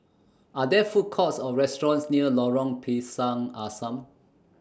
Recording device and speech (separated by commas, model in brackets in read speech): standing microphone (AKG C214), read sentence